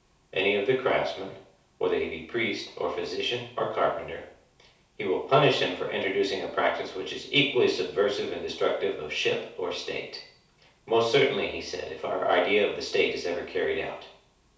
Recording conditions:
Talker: one person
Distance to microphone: 3.0 m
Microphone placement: far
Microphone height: 1.8 m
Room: small (3.7 m by 2.7 m)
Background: none

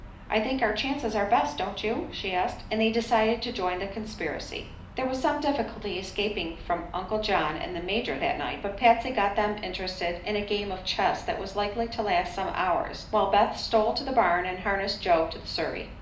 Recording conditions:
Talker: one person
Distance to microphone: 2.0 m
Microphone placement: close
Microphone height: 99 cm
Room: medium-sized (5.7 m by 4.0 m)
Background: none

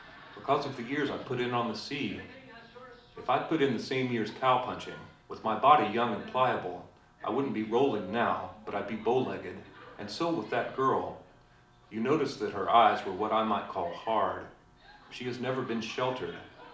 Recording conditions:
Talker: one person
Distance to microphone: 2.0 m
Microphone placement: close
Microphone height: 99 cm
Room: medium-sized (5.7 m by 4.0 m)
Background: television

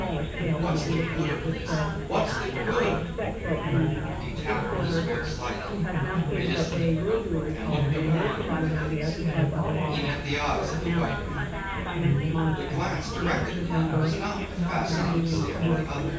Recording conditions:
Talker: one person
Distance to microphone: 9.8 m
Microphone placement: far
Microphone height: 1.8 m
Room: large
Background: babble

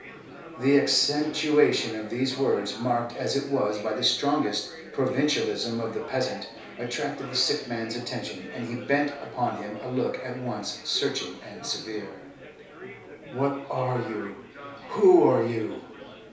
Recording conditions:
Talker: one person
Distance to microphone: 3.0 m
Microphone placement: far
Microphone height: 1.8 m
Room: small (3.7 m by 2.7 m)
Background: babble

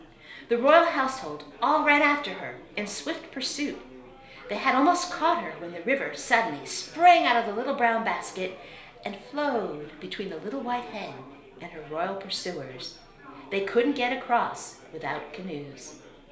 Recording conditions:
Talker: one person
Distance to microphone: 1.0 m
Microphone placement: close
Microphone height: 1.1 m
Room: small (3.7 m by 2.7 m)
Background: babble

